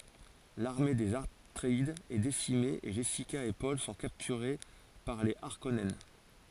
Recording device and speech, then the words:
forehead accelerometer, read sentence
L'armée des Atréides est décimée et Jessica et Paul sont capturés par les Harkonnen.

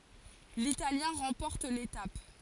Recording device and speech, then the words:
forehead accelerometer, read sentence
L'Italien remporte l'étape.

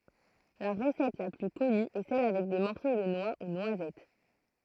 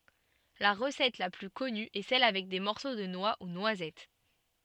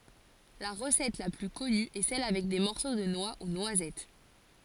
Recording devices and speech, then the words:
throat microphone, soft in-ear microphone, forehead accelerometer, read sentence
La recette la plus connue est celle avec des morceaux de noix ou noisettes.

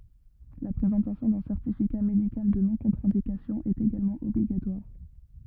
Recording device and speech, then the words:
rigid in-ear microphone, read sentence
La présentation d'un certificat médical de non-contre-indication est également obligatoire.

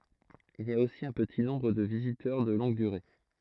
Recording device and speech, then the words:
throat microphone, read sentence
Il y a aussi un petit nombre de visiteurs de longue durée.

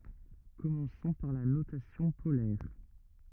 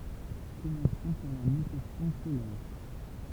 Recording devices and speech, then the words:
rigid in-ear microphone, temple vibration pickup, read sentence
Commençons par la notation polaire.

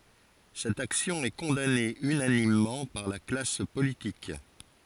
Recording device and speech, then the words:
forehead accelerometer, read sentence
Cette action est condamnée unanimement par la classe politique.

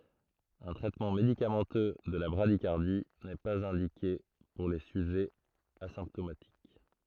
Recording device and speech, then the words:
throat microphone, read sentence
Un traitement médicamenteux de la bradycardie n'est pas indiqué pour les sujets asymptomatiques.

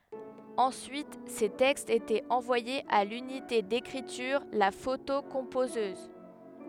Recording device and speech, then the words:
headset microphone, read sentence
Ensuite, ces textes étaient envoyés à l'unité d'écriture, la photocomposeuse.

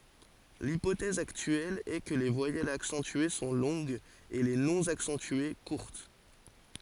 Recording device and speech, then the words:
forehead accelerometer, read sentence
L'hypothèse actuelle est que les voyelles accentuées sont longues et les non accentuées courtes.

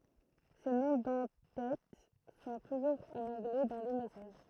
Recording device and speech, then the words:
throat microphone, read sentence
Ces noms d'en-têtes sont toujours en anglais dans le message.

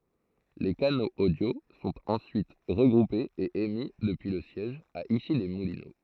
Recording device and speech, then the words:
throat microphone, read sentence
Les canaux audio sont ensuite regroupés et émis depuis le siège, à Issy-les-Moulineaux.

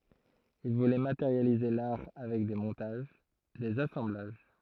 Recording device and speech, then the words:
throat microphone, read sentence
Il voulait matérialiser l'art avec des montages, des assemblages.

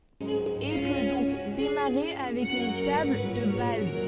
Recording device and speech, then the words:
soft in-ear microphone, read sentence
Et peut donc démarrer avec une table de base.

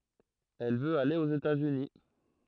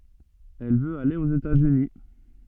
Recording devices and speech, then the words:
throat microphone, soft in-ear microphone, read sentence
Elle veut aller aux États-Unis.

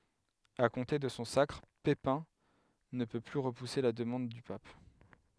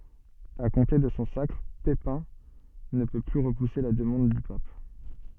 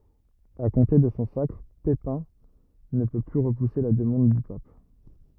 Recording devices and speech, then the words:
headset microphone, soft in-ear microphone, rigid in-ear microphone, read sentence
À compter de son sacre, Pépin ne peut plus repousser la demande du pape.

